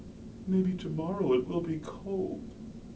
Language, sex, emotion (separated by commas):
English, male, sad